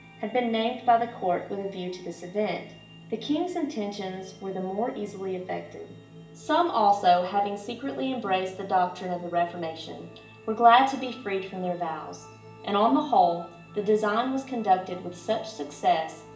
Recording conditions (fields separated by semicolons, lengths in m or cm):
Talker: one person; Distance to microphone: 1.8 m; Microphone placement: close; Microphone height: 1.0 m; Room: large; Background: music